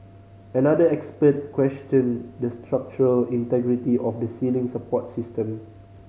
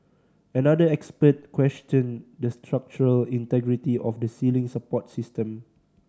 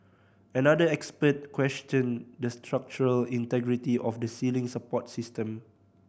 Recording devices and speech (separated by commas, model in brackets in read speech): mobile phone (Samsung C5010), standing microphone (AKG C214), boundary microphone (BM630), read sentence